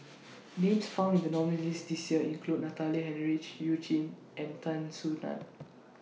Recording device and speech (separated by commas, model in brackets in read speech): mobile phone (iPhone 6), read sentence